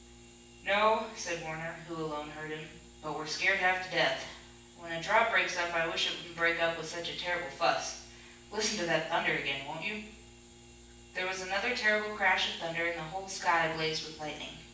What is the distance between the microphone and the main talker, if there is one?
9.8 m.